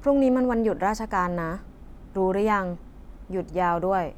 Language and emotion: Thai, neutral